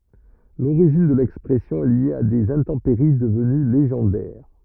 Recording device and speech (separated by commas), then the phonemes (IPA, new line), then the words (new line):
rigid in-ear microphone, read sentence
loʁiʒin də lɛkspʁɛsjɔ̃ ɛ lje a dez ɛ̃tɑ̃peʁi dəvəny leʒɑ̃dɛʁ
L'origine de l'expression est liée à des intempéries devenues légendaires:.